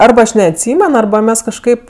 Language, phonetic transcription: Lithuanian, ˈarba ˈaš neatˈsymen ˈarba ˈmes kažˈkaip

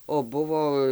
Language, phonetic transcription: Lithuanian, o ˈbuvo

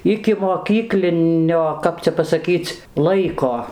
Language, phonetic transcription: Lithuanian, ikimoˈkyklinio ˈkap cia pasaˈkyc ˈlaiko

